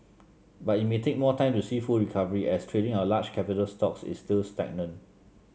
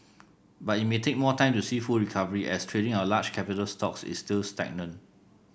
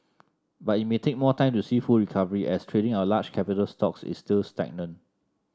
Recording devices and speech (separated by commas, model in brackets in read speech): mobile phone (Samsung C7), boundary microphone (BM630), standing microphone (AKG C214), read sentence